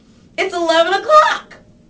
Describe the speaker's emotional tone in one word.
happy